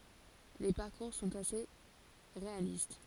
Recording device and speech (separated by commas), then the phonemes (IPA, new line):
forehead accelerometer, read sentence
le paʁkuʁ sɔ̃t ase ʁealist